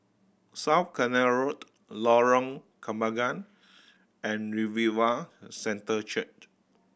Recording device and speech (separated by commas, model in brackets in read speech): boundary microphone (BM630), read sentence